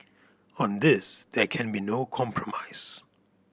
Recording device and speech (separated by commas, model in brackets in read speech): boundary microphone (BM630), read sentence